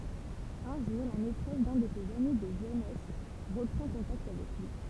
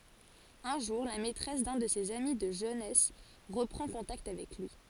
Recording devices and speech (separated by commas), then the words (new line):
temple vibration pickup, forehead accelerometer, read sentence
Un jour, la maîtresse d’un de ses amis de jeunesse reprend contact avec lui.